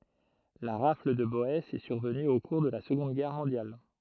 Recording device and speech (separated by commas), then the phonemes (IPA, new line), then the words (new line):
throat microphone, read sentence
la ʁafl də bɔɛsz ɛ syʁvəny o kuʁ də la səɡɔ̃d ɡɛʁ mɔ̃djal
La rafle de Boësses est survenue au cours de la seconde Guerre mondiale.